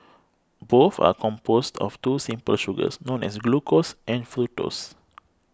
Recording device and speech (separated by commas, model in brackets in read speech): close-talking microphone (WH20), read sentence